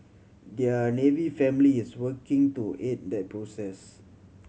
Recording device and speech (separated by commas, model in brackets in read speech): mobile phone (Samsung C7100), read sentence